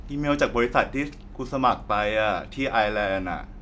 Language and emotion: Thai, neutral